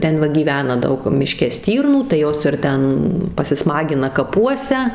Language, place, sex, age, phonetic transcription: Lithuanian, Suvalkija, female, 18-60, ˈten va gyˈvena ˈdaug miˈške ˈstyrnų tai ˈjos ir ˈten pasiˈsmagina kaˈpuose

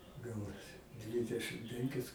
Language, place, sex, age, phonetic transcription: Lithuanian, Aukštaitija, male, 60+, ˈgaunasi ˈdvidešɨm ˈpenkis

